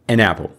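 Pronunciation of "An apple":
'An apple' is said as one word, with the n of 'an' linking onto the a sound at the start of 'apple'.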